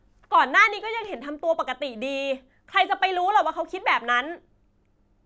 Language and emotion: Thai, angry